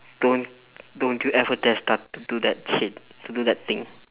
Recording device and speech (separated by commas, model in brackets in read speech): telephone, conversation in separate rooms